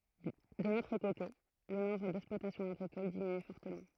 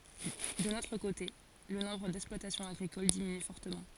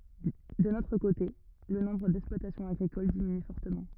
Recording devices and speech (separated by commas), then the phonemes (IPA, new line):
throat microphone, forehead accelerometer, rigid in-ear microphone, read sentence
dœ̃n otʁ kote lə nɔ̃bʁ dɛksplwatasjɔ̃z aɡʁikol diminy fɔʁtəmɑ̃